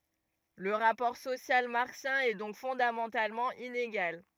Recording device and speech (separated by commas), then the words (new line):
rigid in-ear microphone, read sentence
Le rapport social marxien est donc fondamentalement inégal.